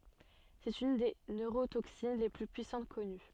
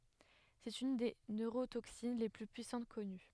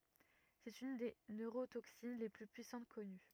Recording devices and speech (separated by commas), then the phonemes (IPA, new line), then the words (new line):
soft in-ear microphone, headset microphone, rigid in-ear microphone, read sentence
sɛt yn de nøʁotoksin le ply pyisɑ̃t kɔny
C'est une des neurotoxines les plus puissantes connues.